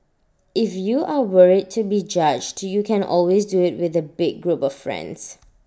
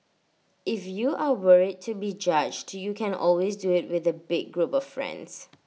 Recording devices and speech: standing microphone (AKG C214), mobile phone (iPhone 6), read sentence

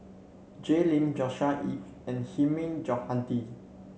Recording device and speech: mobile phone (Samsung C7), read sentence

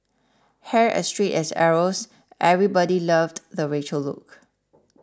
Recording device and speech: standing microphone (AKG C214), read sentence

